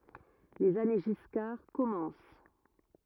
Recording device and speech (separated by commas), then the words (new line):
rigid in-ear microphone, read sentence
Les années Giscard commencent.